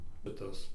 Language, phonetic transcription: Lithuanian, bet ˈtas

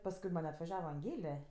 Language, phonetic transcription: Lithuanian, pasˈkui man' atvaˈžiava anˈgėle

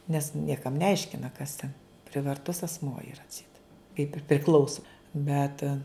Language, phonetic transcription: Lithuanian, nes ˈniekam neˈaiškina kas ten privarˈtus asˈmuo iˈra atˈseit kaip ir priˈklauso ˈbet

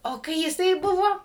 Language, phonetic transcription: Lithuanian, o ˈkai jiˈsai ˈbuvo

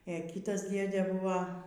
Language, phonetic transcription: Lithuanian, ė ˈkytas ˈdėdė ˈbūva

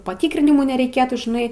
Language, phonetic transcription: Lithuanian, paˈtykrinimų nereiˈkėtų žiˈnai

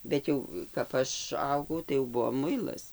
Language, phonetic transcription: Lithuanian, ˈbet jau kap ˈaš ˈaugau tai jau ˈbuvo ˈmuilas

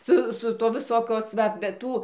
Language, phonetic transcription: Lithuanian, ˈsu su ˈtuo viˈsokios ˈva be ˈtų

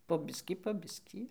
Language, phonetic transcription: Lithuanian, po ˈbiskį po ˈbiskį

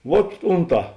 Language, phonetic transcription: Lithuanian, vuot ˈunˌtā

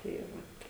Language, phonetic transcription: Lithuanian, tai ˈvat

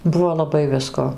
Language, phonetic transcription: Lithuanian, ˈbuvo laˈbai ˈvisko

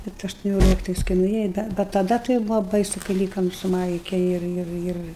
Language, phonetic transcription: Lithuanian, ˈbet aštuˈnioliktais kai nuˈėja bet taˈda tai ˈbūvo ˈbaisu kai ˈlykam su ˈmaike ˈir ˈir ˈir

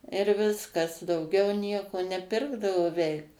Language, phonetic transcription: Lithuanian, ir ˈviskas dauˈgiau ˈnieko neˈpirkdavo ˈveik

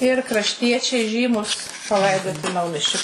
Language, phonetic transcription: Lithuanian, ir krašˈtiečiai ˈžymus paˈlaidoti ˈnaumiesčio

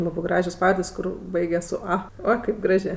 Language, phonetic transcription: Lithuanian, ˈlabɜ ˈgražios ˈpavardės' ˈkur ˈbaigias su ˈa ˈo kaip ˈgražė

